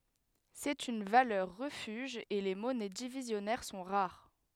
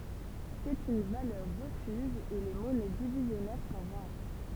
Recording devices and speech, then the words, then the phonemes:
headset microphone, temple vibration pickup, read sentence
C'est une valeur refuge et les monnaies divisionnaires sont rares.
sɛt yn valœʁ ʁəfyʒ e le mɔnɛ divizjɔnɛʁ sɔ̃ ʁaʁ

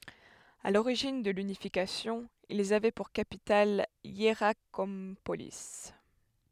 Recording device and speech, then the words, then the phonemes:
headset microphone, read sentence
À l'origine de l'unification, ils avaient pour capitale Hiérakonpolis.
a loʁiʒin də lynifikasjɔ̃ ilz avɛ puʁ kapital jeʁakɔ̃poli

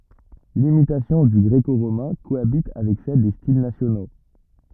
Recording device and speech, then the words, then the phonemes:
rigid in-ear microphone, read sentence
L'imitation du gréco-romain cohabite avec celle des styles nationaux.
limitasjɔ̃ dy ɡʁeko ʁomɛ̃ koabit avɛk sɛl de stil nasjono

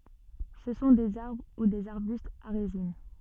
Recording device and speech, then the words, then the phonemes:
soft in-ear microphone, read sentence
Ce sont des arbres ou des arbustes à résine.
sə sɔ̃ dez aʁbʁ u dez aʁbystz a ʁezin

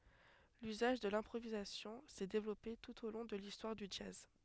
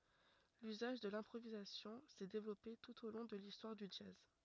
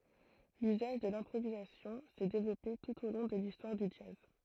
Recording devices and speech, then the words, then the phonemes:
headset microphone, rigid in-ear microphone, throat microphone, read sentence
L'usage de l'improvisation s'est développé tout au long de l'histoire du jazz.
lyzaʒ də lɛ̃pʁovizasjɔ̃ sɛ devlɔpe tut o lɔ̃ də listwaʁ dy dʒaz

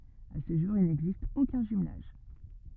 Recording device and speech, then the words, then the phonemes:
rigid in-ear microphone, read sentence
À ce jour, il n'existe aucun jumelage.
a sə ʒuʁ il nɛɡzist okœ̃ ʒymlaʒ

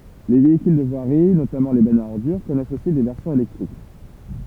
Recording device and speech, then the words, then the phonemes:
temple vibration pickup, read sentence
Les véhicules de voirie, notamment les bennes à ordures, connaissent aussi des versions électriques.
le veikyl də vwaʁi notamɑ̃ le bɛnz a ɔʁdyʁ kɔnɛst osi de vɛʁsjɔ̃z elɛktʁik

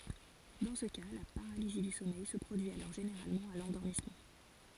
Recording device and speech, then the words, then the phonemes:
forehead accelerometer, read sentence
Dans ce cas, la paralysie du sommeil se produit alors généralement à l'endormissement.
dɑ̃ sə ka la paʁalizi dy sɔmɛj sə pʁodyi alɔʁ ʒeneʁalmɑ̃ a lɑ̃dɔʁmismɑ̃

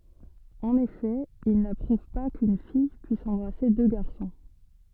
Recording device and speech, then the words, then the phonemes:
soft in-ear microphone, read sentence
En effet, ils n’approuvent pas qu'une fille puisse embrasser deux garçons.
ɑ̃n efɛ il napʁuv pa kyn fij pyis ɑ̃bʁase dø ɡaʁsɔ̃

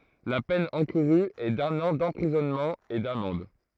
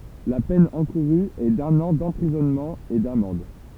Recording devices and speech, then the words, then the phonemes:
throat microphone, temple vibration pickup, read sentence
La peine encourue est d'un an d'emprisonnement et d'amende.
la pɛn ɑ̃kuʁy ɛ dœ̃n ɑ̃ dɑ̃pʁizɔnmɑ̃ e damɑ̃d

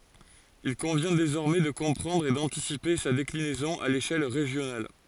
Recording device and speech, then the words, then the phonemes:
forehead accelerometer, read sentence
Il convient désormais de comprendre et d’anticiper sa déclinaison à l’échelle régionale.
il kɔ̃vjɛ̃ dezɔʁmɛ də kɔ̃pʁɑ̃dʁ e dɑ̃tisipe sa deklinɛzɔ̃ a leʃɛl ʁeʒjonal

